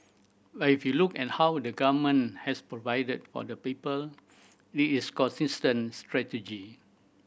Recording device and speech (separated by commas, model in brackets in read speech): boundary microphone (BM630), read sentence